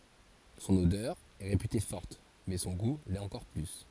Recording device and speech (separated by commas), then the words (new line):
forehead accelerometer, read sentence
Son odeur est réputée forte, mais son goût l'est encore plus.